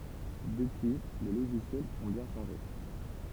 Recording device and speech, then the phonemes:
temple vibration pickup, read sentence
dəpyi le loʒisjɛlz ɔ̃ bjɛ̃ ʃɑ̃ʒe

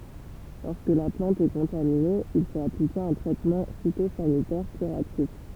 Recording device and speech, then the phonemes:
temple vibration pickup, read sentence
lɔʁskə la plɑ̃t ɛ kɔ̃tamine il fot aplike œ̃ tʁɛtmɑ̃ fitozanitɛʁ kyʁatif

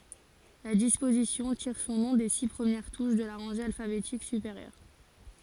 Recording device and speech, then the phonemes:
forehead accelerometer, read sentence
la dispozisjɔ̃ tiʁ sɔ̃ nɔ̃ de si pʁəmjɛʁ tuʃ də la ʁɑ̃ʒe alfabetik sypeʁjœʁ

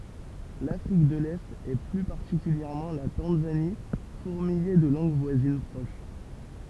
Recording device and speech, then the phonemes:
temple vibration pickup, read sentence
lafʁik də lɛt e ply paʁtikyljɛʁmɑ̃ la tɑ̃zani fuʁmijɛ də lɑ̃ɡ vwazin pʁoʃ

